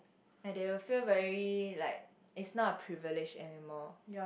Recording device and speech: boundary microphone, conversation in the same room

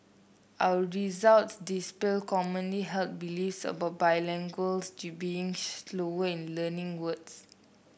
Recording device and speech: boundary microphone (BM630), read sentence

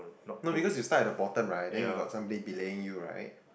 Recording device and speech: boundary microphone, conversation in the same room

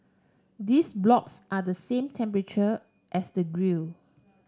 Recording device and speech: standing microphone (AKG C214), read sentence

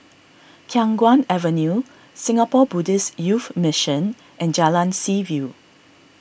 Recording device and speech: boundary microphone (BM630), read sentence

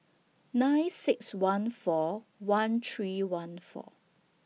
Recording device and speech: mobile phone (iPhone 6), read sentence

